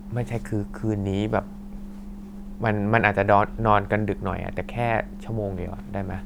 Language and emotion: Thai, neutral